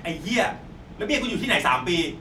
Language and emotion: Thai, angry